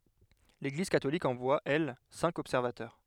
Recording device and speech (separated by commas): headset microphone, read sentence